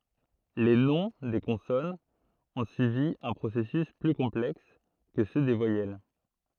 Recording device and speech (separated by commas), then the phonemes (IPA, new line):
throat microphone, read sentence
le nɔ̃ de kɔ̃sɔnz ɔ̃ syivi œ̃ pʁosɛsys ply kɔ̃plɛks kə sø de vwajɛl